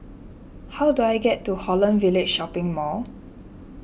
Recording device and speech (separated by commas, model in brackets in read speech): boundary microphone (BM630), read sentence